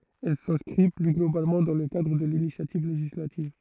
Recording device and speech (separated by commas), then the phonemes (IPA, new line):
throat microphone, read sentence
ɛl sɛ̃skʁi ply ɡlobalmɑ̃ dɑ̃ lə kadʁ də linisjativ leʒislativ